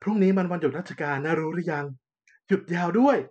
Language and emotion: Thai, happy